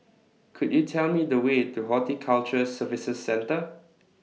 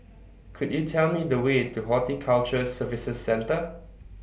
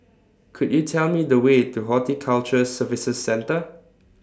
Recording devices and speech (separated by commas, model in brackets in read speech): mobile phone (iPhone 6), boundary microphone (BM630), standing microphone (AKG C214), read sentence